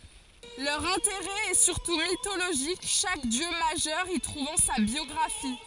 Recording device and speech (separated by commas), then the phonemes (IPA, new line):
forehead accelerometer, read sentence
lœʁ ɛ̃teʁɛ ɛ syʁtu mitoloʒik ʃak djø maʒœʁ i tʁuvɑ̃ sa bjɔɡʁafi